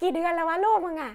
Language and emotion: Thai, happy